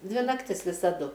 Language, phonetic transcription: Lithuanian, ˈdvi nakˈtis visaˈdu

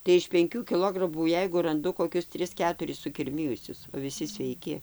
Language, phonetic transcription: Lithuanian, tai iš penˈkių kiˈlogramų ˈjeigu ranˈdu koˈkius ˈtris ˈketuris sukirˈmijusius o viˈsi sveiˈki

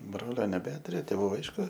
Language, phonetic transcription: Lithuanian, ˈbrolio neˈbeturiu tėˈvų ˈaišku

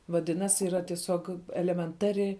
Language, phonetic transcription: Lithuanian, vaˈdinas' yˈra tieˈsiog elemenˈtari

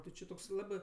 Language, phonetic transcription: Lithuanian, ti ˈči toks ˈlabɜ

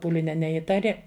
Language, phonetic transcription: Lithuanian, ˈpūlinia neˈįtari

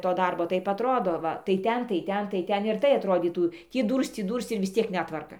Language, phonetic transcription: Lithuanian, to ˈdarbo ˈtaip atˈrodo ˈva tai ˈten tai ˈten tai ˈten ir ˈtai atˈrodytų ˈtį ˈdūrsc ˈtį ˈdūrsc ir vis ˈciek ˈnetvarka

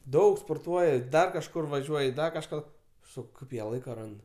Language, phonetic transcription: Lithuanian, ˈdaug sporˈtuoja ˈdar kažˈkur vaˈžiuoj ˈdar kažˈką ˈsak ˈkaip jie ˈlaika ˈrand

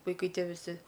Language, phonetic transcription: Lithuanian, vaiˈkai ˈtie viˈsi

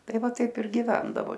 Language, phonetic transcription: Lithuanian, ˈtai ˈva ˈtaip ir giˈvendavo

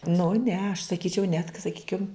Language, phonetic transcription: Lithuanian, nu ˈne aš saˈkyčiau netk saˈkykim

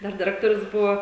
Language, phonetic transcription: Lithuanian, ˈdar diˈrektorius ˈbuvo

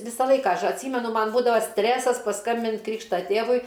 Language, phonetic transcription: Lithuanian, ˈvisą ˈlaiką ˈaš atˈsymenu ˈman ˈbūdava ˈstresas paˈskambint' ˈkrykšta ˈtėvui

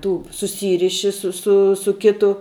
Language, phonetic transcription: Lithuanian, ˈtų suˈsyriši su ˈsu su ˈkitu

